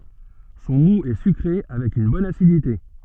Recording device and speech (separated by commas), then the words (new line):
soft in-ear microphone, read sentence
Son moût est sucré avec une bonne acidité.